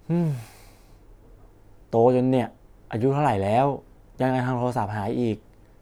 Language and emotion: Thai, frustrated